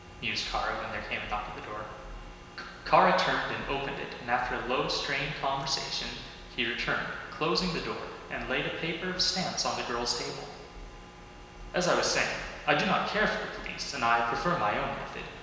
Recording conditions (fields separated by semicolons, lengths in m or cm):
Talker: one person; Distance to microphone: 1.7 m; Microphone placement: close; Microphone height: 1.0 m; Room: very reverberant, large; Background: none